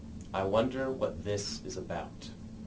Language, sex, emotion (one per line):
English
male
neutral